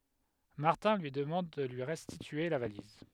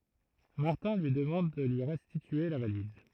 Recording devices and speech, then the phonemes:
headset microphone, throat microphone, read sentence
maʁtɛ̃ lyi dəmɑ̃d də lyi ʁɛstitye la valiz

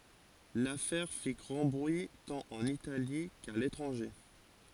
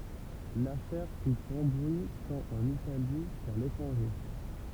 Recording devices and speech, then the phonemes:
forehead accelerometer, temple vibration pickup, read sentence
lafɛʁ fi ɡʁɑ̃ bʁyi tɑ̃t ɑ̃n itali ka letʁɑ̃ʒe

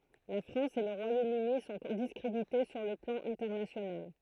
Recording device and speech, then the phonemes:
throat microphone, read sentence
la fʁɑ̃s e lə ʁwajomøni sɔ̃ diskʁedite syʁ lə plɑ̃ ɛ̃tɛʁnasjonal

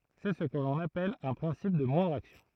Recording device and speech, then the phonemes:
throat microphone, read sentence
sɛ sə kə lɔ̃n apɛl œ̃ pʁɛ̃sip də mwɛ̃dʁ aksjɔ̃

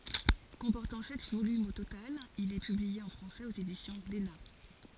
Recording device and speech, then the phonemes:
forehead accelerometer, read sentence
kɔ̃pɔʁtɑ̃ sɛt volymz o total il ɛ pyblie ɑ̃ fʁɑ̃sɛz oz edisjɔ̃ ɡlena

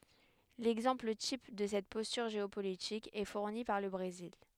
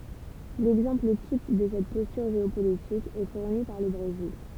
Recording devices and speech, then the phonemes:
headset microphone, temple vibration pickup, read sentence
lɛɡzɑ̃pl tip də sɛt pɔstyʁ ʒeopolitik ɛ fuʁni paʁ lə bʁezil

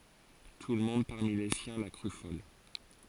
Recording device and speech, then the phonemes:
forehead accelerometer, read sentence
tulmɔ̃d paʁmi le sjɛ̃ la kʁy fɔl

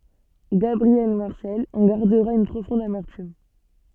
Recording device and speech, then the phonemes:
soft in-ear microphone, read sentence
ɡabʁiɛl maʁsɛl ɑ̃ ɡaʁdəʁa yn pʁofɔ̃d amɛʁtym

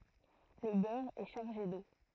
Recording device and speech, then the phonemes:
throat microphone, read sentence
lə bœʁ ɛ ʃaʁʒe do

